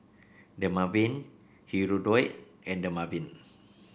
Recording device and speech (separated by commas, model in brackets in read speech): boundary microphone (BM630), read sentence